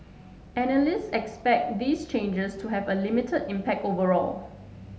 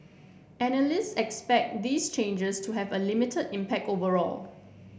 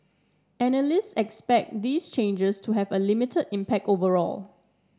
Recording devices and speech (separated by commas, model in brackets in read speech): mobile phone (Samsung S8), boundary microphone (BM630), standing microphone (AKG C214), read sentence